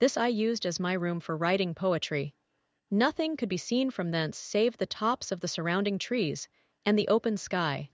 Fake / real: fake